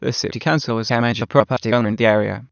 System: TTS, waveform concatenation